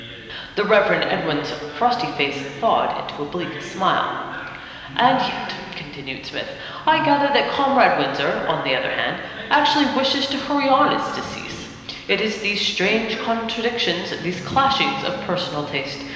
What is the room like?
A big, very reverberant room.